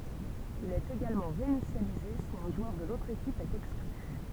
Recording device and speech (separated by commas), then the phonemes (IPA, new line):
temple vibration pickup, read sentence
il ɛt eɡalmɑ̃ ʁeinisjalize si œ̃ ʒwœʁ də lotʁ ekip ɛt ɛkskly